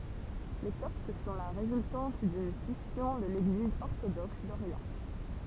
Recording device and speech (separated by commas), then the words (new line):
temple vibration pickup, read sentence
Les Coptes sont la résultante d'une scission de l'Église orthodoxe d'Orient.